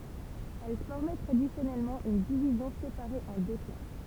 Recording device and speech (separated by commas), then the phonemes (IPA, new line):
temple vibration pickup, read sentence
ɛl fɔʁmɛ tʁadisjɔnɛlmɑ̃ yn divizjɔ̃ sepaʁe ɑ̃ dø klas